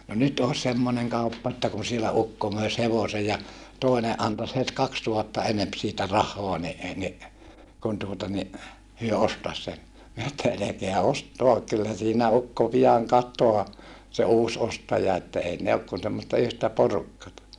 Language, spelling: Finnish, no nyt olisi semmoinen kauppa että kun siellä ukko möisi hevosen ja toinen antaisi heti kaksituhatta enempi siitä rahaa niin - niin kun tuota niin he ostaisi sen minä että älkää ostako kyllä siinä ukko pian katoaa se uusi ostaja että ei ne ole kuin semmoista yhtä porukkaa
- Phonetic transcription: » no nyt oos semmoneŋ kauppa että kun sielä ukko möis hevose ja , tòine ʼantas het kakstuhatta enemp siitä rah̆hoa ni e ni , kun tuota ni , hyö ostas sen » mi(nä) että » elekeä ost̀oak kyllä siinä ukko pijaŋ kat̀oaa , se uus ostaja että ei ne ok kun semmosta yhtä porukkata » .

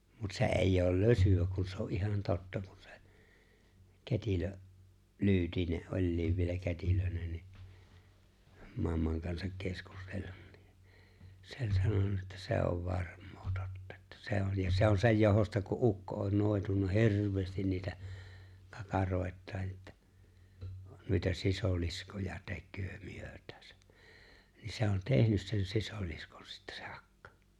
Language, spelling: Finnish, mutta se ei ole lösyä kun se on ihan totta kun se kätilö Lyytinen oli vielä kätilönä niin mamman kanssa keskustellut niin se oli sanonut että se on varmaa totta että se on ja se on sen johdosta kun ukko on noitunut hirveästi niitä kakaroitaan että noita sisiliskoja tekee myötäänsä niin se on tehnyt sen sisiliskon sitten se akka
- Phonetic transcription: mut se 'è̬i̬j ‿ool "lösy₍ä kun se o '’ihan 'totta kᴜɴ sᴇ , 'kät́ilö , 'Lyytine '’oĺliiv vielä 'kät́ilönä ni , 'mammaŋ kansak 'keskustellᴜɴ nɪ , 'se ‿o͕ĺ 'sanona että 'se ov "varᴍ̀ᴏᴏ tᴏttᴀ ᴇttᴀ̈ 'se on ja 'se on 'sej johosta ku '’ukko on 'nòi̬tunna "hirv̀eestin niitä , 'kakaròi̬t̆taan ettᴀ̈ , » nuita 'sisòliskoja tek̆köö 'myöt̀ääsᴀ̈ « , niin se on "tehnys sen 'sisoliskon sittᴀ̈ sᴇ 'ᴀkkᴀ .

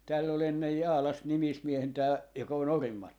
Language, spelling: Finnish, täällä oli ennen Jaalassa nimismiehenä tämä joka on Orimattilassa
- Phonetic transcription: 'tääll ‿ol 'ennej "Jaalas 'nimismiehen tää joka on "Orim̆m .

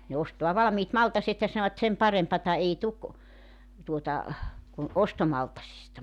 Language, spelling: Finnish, ne ostaa valmiit maltat ja sanovat sen parempaa ei tule tuota kuin ostomaltaista
- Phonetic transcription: ne 'ostoa 'valᵃmiit 'maltaset ja sanovat 'sem 'parempata ei 'tuk , tuota , kun "ostomaltasista .

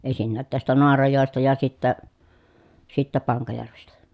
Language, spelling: Finnish, ensinnäkin tästä Naarajoesta ja sitten sitten Pankajärvestä
- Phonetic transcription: en̬sinnäät tästä Noarajòesta ja sittä , sittä Paŋkajärvestä .

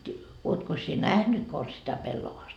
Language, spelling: Finnish, oletkos sinä nähnyt konsa sitä pellavasta
- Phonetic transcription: 'uotkos sie "nähnyt kons sitä 'pellovaast ?

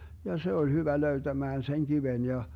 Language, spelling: Finnish, ja se oli hyvä löytämään sen kiven ja
- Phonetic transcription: ja 'se oĺ hyvä 'löytämään seŋ 'kiven ja , .

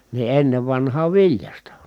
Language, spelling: Finnish, niin ennen vanhaan viljasta
- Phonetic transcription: ni ennev vanhaav viljasta .

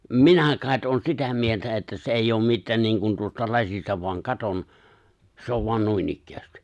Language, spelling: Finnish, minä kai olen sitä mieltä että se ei ole mitään niin kuin tuosta lasista vain katson se on vain noinikään
- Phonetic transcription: minä kài̬t '’oon 'sitä mieltä että se 'eijj ‿oom 'mittään 'niiŋkun tuosta 'laśista voaŋ 'katon , 'se ov voan "nuinikkäästɪ .

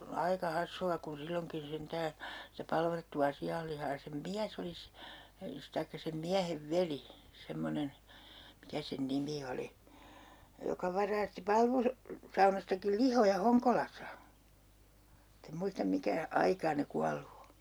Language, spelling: Finnish, aika hassua kun silloinkin sentään sitä palvattua sianlihaa ja sen mies oli - tai sen miehen veli semmoinen mikä sen nimi oli joka varasti - palvusaunastakin lihoja Honkolassa mutta en muista mikä aikaa ne kuollut on
- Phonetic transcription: 'aika 'hassu₍a kun 'silloŋkin 'sentää , sitä 'palvattu₍a 'si₍allihaa ja sem "miäs ‿oli s- , taikka sem 'miähev "veli , 'semmonen , 'mikä sen "nimi oli , 'joka varaasti 'palvus- , '-saunastakil "lihoja "Hoŋkolas̆sa , mutt ‿em 'muistam 'mikä , "aikaa ne 'kuallu o .

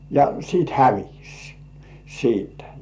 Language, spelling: Finnish, ja sitten hävisi siitä
- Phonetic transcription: ja 'siit "hävis , siitᴀ̈ .

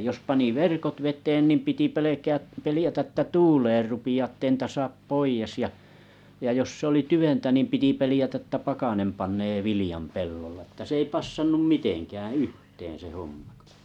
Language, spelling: Finnish, jos pani verkot veteen niin piti pelkää pelätä että tuulemaan rupeaa että ei niitä saa pois ja ja jos se oli tyventä piti pelätä että pakkanen panee viljan pellolla että se ei passannut mitenkään yhteen se homma kun
- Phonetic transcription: jos pani "verkot 'vet̀een niim 'piti 'pelekää , 'pelⁱätä ᵉttä "tuuleer 'rupi₍aa ᵉttei nĭtä 'saap "poijes ja , ja jos 'se oli "tyventä piti 'pelⁱjätä ᵉttä "pakanem 'pannee "vilijam "pellolla ᵊtä s ‿ei passannum "mitenkääᵃ̰̈ "yhteen se 'hommᴀ kᴏ .

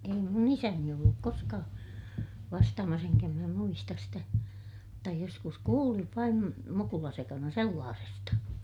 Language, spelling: Finnish, ei minun isäni ollut koskaan vastaamassa enkä minä muista sitä mutta joskus kuulin vain mukulasekana sellaisesta
- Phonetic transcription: ei mun ‿isäni olluk koskaa , vastaamas eŋkä minä muistas sitä , mutta joskus kuuliv vaim mukulasekana sellaasesta .

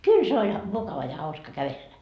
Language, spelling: Finnish, kyllä se oli mukava ja hauska kävellä
- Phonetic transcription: "kyl se oĺ , 'mukava ja hauska 'kävellä .

